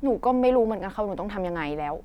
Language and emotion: Thai, frustrated